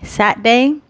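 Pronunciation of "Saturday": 'Saturday' is pronounced incorrectly here.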